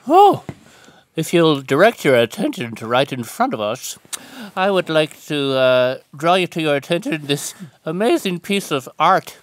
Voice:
goofy voice